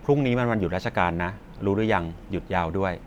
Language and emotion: Thai, neutral